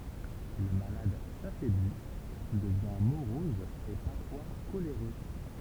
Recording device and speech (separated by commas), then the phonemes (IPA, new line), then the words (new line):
temple vibration pickup, read sentence
lə malad safɛbli dəvjɛ̃ moʁɔz e paʁfwa koleʁø
Le malade s'affaiblit, devient morose et parfois coléreux.